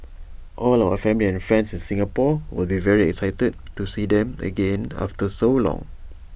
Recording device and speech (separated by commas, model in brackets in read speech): boundary microphone (BM630), read sentence